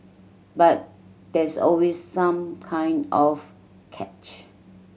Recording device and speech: mobile phone (Samsung C7100), read sentence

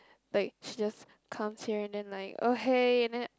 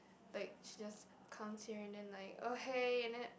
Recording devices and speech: close-talking microphone, boundary microphone, conversation in the same room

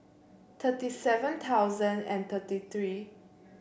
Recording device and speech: boundary microphone (BM630), read sentence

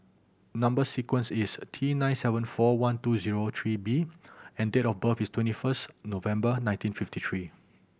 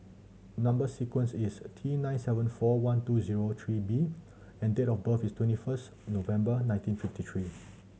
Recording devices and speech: boundary microphone (BM630), mobile phone (Samsung C7100), read sentence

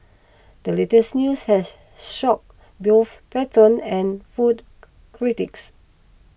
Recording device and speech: boundary microphone (BM630), read sentence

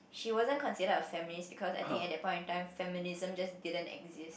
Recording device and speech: boundary microphone, conversation in the same room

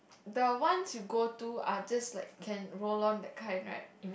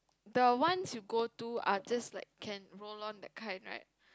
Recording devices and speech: boundary microphone, close-talking microphone, conversation in the same room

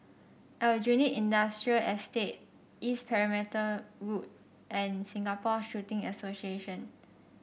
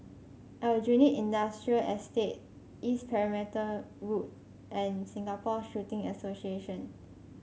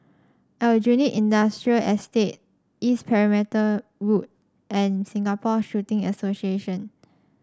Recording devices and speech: boundary microphone (BM630), mobile phone (Samsung C5), standing microphone (AKG C214), read sentence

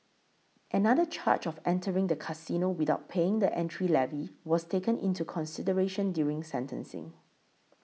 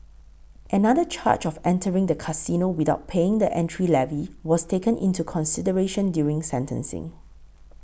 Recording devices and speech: mobile phone (iPhone 6), boundary microphone (BM630), read sentence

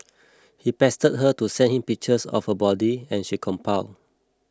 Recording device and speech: close-talking microphone (WH20), read sentence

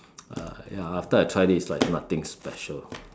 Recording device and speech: standing microphone, conversation in separate rooms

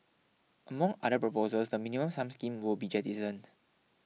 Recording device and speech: mobile phone (iPhone 6), read sentence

